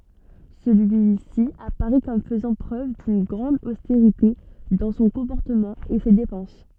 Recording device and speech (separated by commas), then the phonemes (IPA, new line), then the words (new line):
soft in-ear microphone, read sentence
səlyisi apaʁɛ kɔm fəzɑ̃ pʁøv dyn ɡʁɑ̃d osteʁite dɑ̃ sɔ̃ kɔ̃pɔʁtəmɑ̃ e se depɑ̃s
Celui-ci apparaît comme faisant preuve d’une grande austérité dans son comportement et ses dépenses.